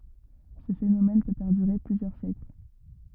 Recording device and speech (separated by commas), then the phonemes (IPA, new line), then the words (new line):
rigid in-ear microphone, read sentence
sə fenomɛn pø pɛʁdyʁe plyzjœʁ sjɛkl
Ce phénomène peut perdurer plusieurs siècles.